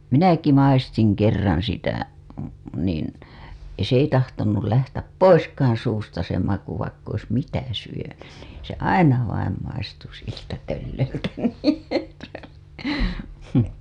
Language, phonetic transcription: Finnish, minäki 'maistiŋ kerraa̰ sitä , niin , s ‿ei tahtonul lähtäp "poiskaaa̰ suusta se maku vaikk ‿ois "mitä syönyn NIIN , se "aina vaim maistu siltä (tölleröltä) .
- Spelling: minäkin maistoin kerran sitä niin se ei tahtonut lähteä poiskaan suusta se maku vaikka olisi mitä syönyt niin se aina vain maistui siltä tölleröltä

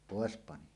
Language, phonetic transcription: Finnish, pòes 'pani .
- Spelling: pois pani

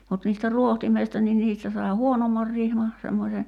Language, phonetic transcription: Finnish, mut niistä 'ruohtimeista ni 'niistä sai̬ "huonommar rihma , semmośe .
- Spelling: mutta niistä rohtimista niin niistä sai huonomman rihman semmoisen

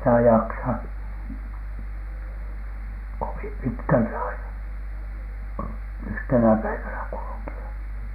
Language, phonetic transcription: Finnish, ei sitä "jaksa , 'kovim 'pitkältä aina , "yhtenä 'päivänä kuluki₍a .
- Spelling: ei sitä jaksa kovin pitkältä aina yhtenä päivänä kulkea

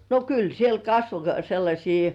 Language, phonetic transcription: Finnish, no "kyl 'siel "kasvo sellaśii .
- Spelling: no kyllä siellä kasvoi sellaisia

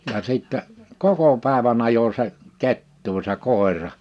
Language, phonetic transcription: Finnish, ja 'sìttɛ , "koko pä̀evä’n ‿ajo se , 'kettuu se 'kòera .
- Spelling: ja sitten koko päivän ajoi se kettua se koira

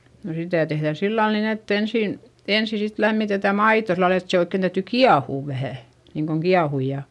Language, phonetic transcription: Finnish, no sitä̀ tehδä sillal nin ‿ett ‿ensìn , ensi sit lämmitetä maito sillal ‿et se oikken täyty kiahùv vähä̀ , niiŋkoŋ kiahuj ja ,.
- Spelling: no sitä tehdään sillä lailla niin että ensin ensin sitten lämmitetään maito sillä lailla että se oikein täytyy kiehua vähän niin kuin kiehua ja

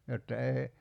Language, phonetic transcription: Finnish, jotta 'eei ,.
- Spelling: jotta ei

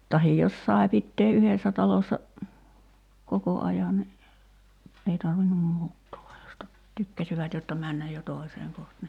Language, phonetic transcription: Finnish, tahij 'jos sae 'pittee "’yhessä 'talossa , "koko 'aja ni , 'ei tarvinnum 'muuttoo (va jos ta-) , 'tykkäsivät jotta 'männäj jo "tòi̬seeŋ koht ni ,.
- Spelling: tai jos sai pitää yhdessä talossa koko ajan niin ei tarvinnut muuttaa vaan jos - tykkäsivät jotta mennä jo toiseen kohta niin

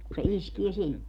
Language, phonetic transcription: Finnish, ku se 'iskie 'sinne .
- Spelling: kun se iskee sinne

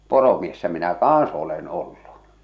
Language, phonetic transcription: Finnish, 'poromiessä minä "kaaa̰s olen ollu .
- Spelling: poromiehenä minä kanssa olen ollut

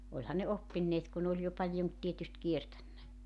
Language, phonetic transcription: Finnish, oĺha ne 'oppinneet ku 'n ‿ooĺ jo 'paljon , tietyst 'kietännä .
- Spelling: olihan ne oppineet kun ne oli jo paljon tietysti kiertänyt

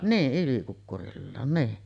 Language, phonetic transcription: Finnish, 'nii’ '’ylikukkurillaan , nii .
- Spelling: niin ylikukkuroillaan niin

